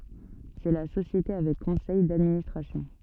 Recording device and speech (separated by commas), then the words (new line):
soft in-ear microphone, read sentence
C'est la société avec conseil d'administration.